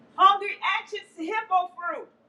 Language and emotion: English, fearful